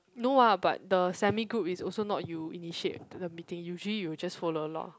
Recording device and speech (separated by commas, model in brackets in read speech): close-talking microphone, conversation in the same room